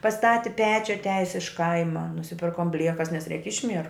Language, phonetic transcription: Lithuanian, paˈstati ˈpečiu atˈiajis iš ˈkaima nusiˈpirkom ˈbliekas nes reik ˈišmieru

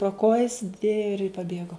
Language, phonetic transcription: Lithuanian, pro ˈkojis ir paˈbėgo

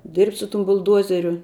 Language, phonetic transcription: Lithuanian, dirbt' su tum bulˈduozeriu

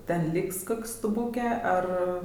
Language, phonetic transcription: Lithuanian, ˈten ˈlyks ˈkok' stuˈbūkė ˈar

